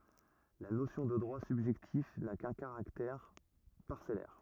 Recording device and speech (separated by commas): rigid in-ear microphone, read sentence